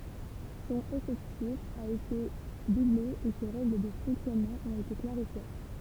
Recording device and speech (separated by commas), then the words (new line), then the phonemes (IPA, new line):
temple vibration pickup, read sentence
Son effectif a été doublé et ses règles de fonctionnement ont été clarifiées.
sɔ̃n efɛktif a ete duble e se ʁɛɡl də fɔ̃ksjɔnmɑ̃ ɔ̃t ete klaʁifje